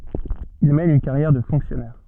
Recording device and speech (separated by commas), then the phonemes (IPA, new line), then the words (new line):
soft in-ear microphone, read sentence
il mɛn yn kaʁjɛʁ də fɔ̃ksjɔnɛʁ
Il mène une carrière de fonctionnaire.